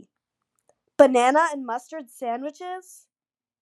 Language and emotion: English, disgusted